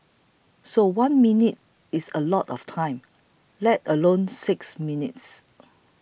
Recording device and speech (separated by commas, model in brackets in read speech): boundary microphone (BM630), read sentence